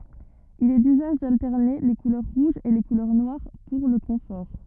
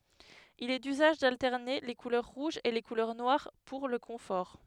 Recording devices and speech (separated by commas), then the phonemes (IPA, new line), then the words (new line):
rigid in-ear microphone, headset microphone, read sentence
il ɛ dyzaʒ daltɛʁne le kulœʁ ʁuʒz e le kulœʁ nwaʁ puʁ lə kɔ̃fɔʁ
Il est d'usage d'alterner les couleurs rouges et les couleurs noires pour le confort.